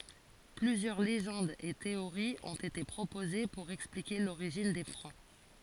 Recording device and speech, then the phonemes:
forehead accelerometer, read sentence
plyzjœʁ leʒɑ̃dz e teoʁiz ɔ̃t ete pʁopoze puʁ ɛksplike loʁiʒin de fʁɑ̃

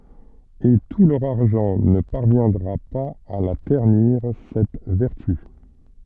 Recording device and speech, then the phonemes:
soft in-ear microphone, read sentence
e tu lœʁ aʁʒɑ̃ nə paʁvjɛ̃dʁa paz a la tɛʁniʁ sɛt vɛʁty

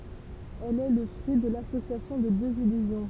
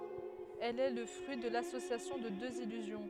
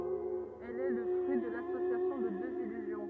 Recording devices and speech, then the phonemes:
temple vibration pickup, headset microphone, rigid in-ear microphone, read sentence
ɛl ɛ lə fʁyi də lasosjasjɔ̃ də døz ilyzjɔ̃

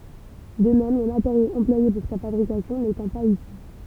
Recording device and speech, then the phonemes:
temple vibration pickup, read sentence
də mɛm le mateʁjoz ɑ̃plwaje puʁ sa fabʁikasjɔ̃ netɑ̃ paz isy

